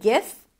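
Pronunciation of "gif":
'Gif' starts with a hard G sound, as in 'guitar', not a j sound.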